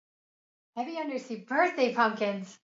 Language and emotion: English, happy